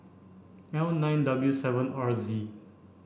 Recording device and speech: boundary microphone (BM630), read sentence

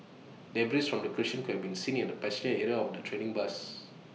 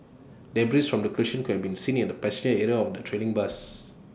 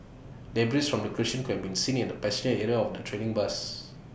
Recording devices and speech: mobile phone (iPhone 6), standing microphone (AKG C214), boundary microphone (BM630), read sentence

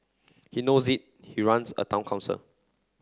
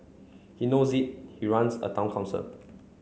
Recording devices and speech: close-talking microphone (WH30), mobile phone (Samsung C9), read sentence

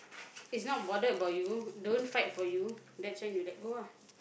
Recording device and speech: boundary microphone, conversation in the same room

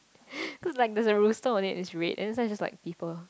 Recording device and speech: close-talking microphone, conversation in the same room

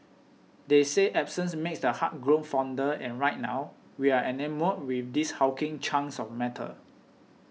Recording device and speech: mobile phone (iPhone 6), read sentence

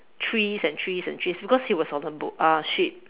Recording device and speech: telephone, conversation in separate rooms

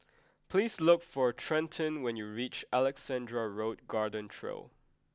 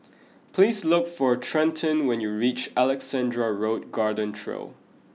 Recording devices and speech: close-talking microphone (WH20), mobile phone (iPhone 6), read sentence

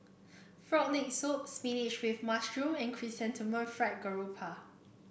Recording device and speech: boundary microphone (BM630), read sentence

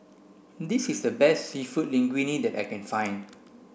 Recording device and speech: boundary microphone (BM630), read sentence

